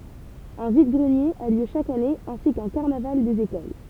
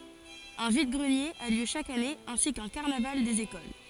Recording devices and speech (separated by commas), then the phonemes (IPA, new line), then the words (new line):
temple vibration pickup, forehead accelerometer, read sentence
œ̃ vid ɡʁənjez a ljø ʃak ane ɛ̃si kœ̃ kaʁnaval dez ekol
Un vide-greniers a lieu chaque année ainsi qu'un carnaval des écoles.